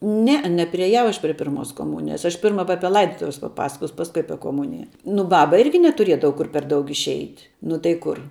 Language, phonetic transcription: Lithuanian, ˈneˌe nepriėˈjau ˈaš prie ˈpirmos koˈmunijas ˈaš ˈpirma va ˈapie ˈlaidotuves paˈpasakos ˈpaskui ˈapie koˈmunija nu ˈbaba ˈirgi netuˈriedava ˈkur per ˈdaug išˈeit' nu tai ˈkur

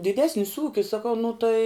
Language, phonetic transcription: Lithuanian, diˈdesnis ˈūkis saˈkau nu tai

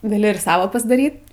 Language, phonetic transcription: Lithuanian, gaˈli ir ˈsava pasdˈaryt

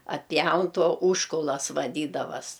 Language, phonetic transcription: Lithuanian, atˈpjaun ˈto ˈūžkulas vaˈdydavas

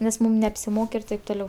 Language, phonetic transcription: Lithuanian, nes ˈmūm neapsiˈmok ir ˈtaip toˈliau

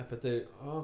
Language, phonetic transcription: Lithuanian, api ˈtav' ˈo

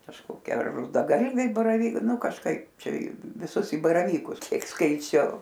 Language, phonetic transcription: Lithuanian, kažkoˈkie ar rudaˈgalviai baraˈvyk ˈnu kažˈkaip ˈčia i viˈsus i baraˈvykus ˈkiek skaiˈčiau

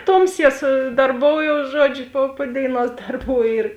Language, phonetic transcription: Lithuanian, ˈtomˌsie su darˈboujous ˈžuodžiu po po ˈdėiˌnuos ˈdarˌbų ir

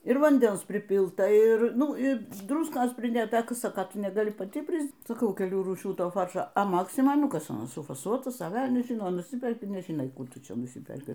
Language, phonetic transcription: Lithuanian, ir vanˈdens priˈpilta ˈir ˈnu ˈi ˈdruskos priˈdėta ˈka ˈsaka ˈtu negaˈli paˈti ˈpris saˈkau keˈlių rūˈšių ˈtoˈfaršo a ˈmaksmoj ˈnu ˈkas aˈnas sufaˈsuotas a ˈvelnias ˈžino nuˈsiperki nežiˈnai ˈkų ˈtu ˈčia nuˈsiperki

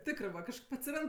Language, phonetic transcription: Lithuanian, ˈtikrɜ va kažˈkaip atsiˈrand

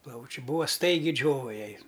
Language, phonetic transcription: Lithuanian, ˈplaučiu ˈbūa ˈstaigi ˈdžiova ˈjai

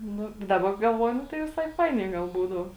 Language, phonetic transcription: Lithuanian, ˈnu daˈba galˈvuoju ˈnu tai viˈsai ˈfainiai gal ˈbūdau

